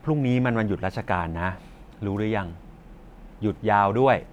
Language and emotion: Thai, neutral